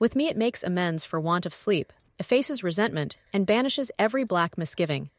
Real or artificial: artificial